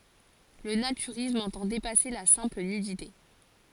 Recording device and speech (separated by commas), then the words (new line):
forehead accelerometer, read sentence
Le naturisme entend dépasser la simple nudité.